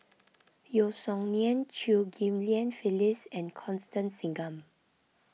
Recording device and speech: mobile phone (iPhone 6), read sentence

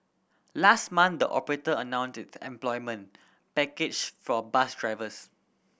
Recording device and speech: boundary microphone (BM630), read sentence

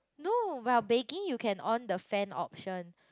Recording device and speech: close-talking microphone, conversation in the same room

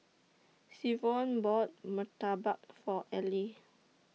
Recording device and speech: mobile phone (iPhone 6), read sentence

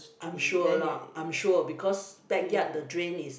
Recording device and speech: boundary microphone, conversation in the same room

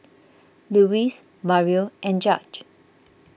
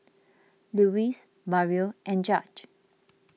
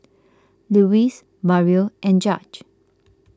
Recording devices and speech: boundary microphone (BM630), mobile phone (iPhone 6), close-talking microphone (WH20), read sentence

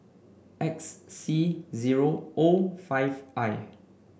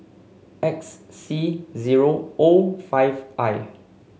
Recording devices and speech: boundary microphone (BM630), mobile phone (Samsung C5), read sentence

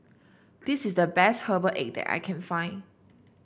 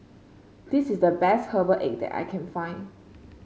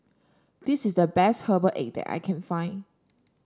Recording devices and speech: boundary microphone (BM630), mobile phone (Samsung C5), standing microphone (AKG C214), read sentence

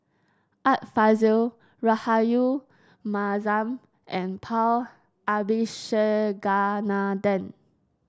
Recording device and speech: standing microphone (AKG C214), read sentence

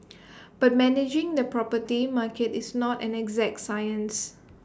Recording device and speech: standing microphone (AKG C214), read sentence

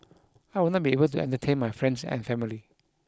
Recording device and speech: close-talking microphone (WH20), read sentence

